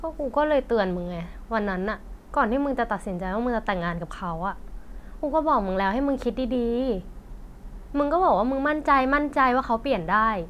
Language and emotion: Thai, frustrated